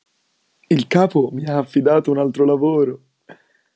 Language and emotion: Italian, happy